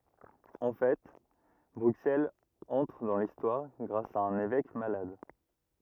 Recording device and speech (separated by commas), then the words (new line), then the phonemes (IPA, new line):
rigid in-ear microphone, read sentence
En fait, Bruxelles entre dans l'histoire grâce à un évêque malade.
ɑ̃ fɛ bʁyksɛlz ɑ̃tʁ dɑ̃ listwaʁ ɡʁas a œ̃n evɛk malad